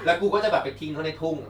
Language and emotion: Thai, happy